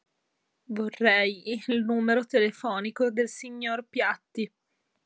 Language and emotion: Italian, sad